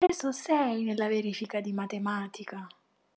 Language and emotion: Italian, surprised